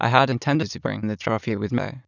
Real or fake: fake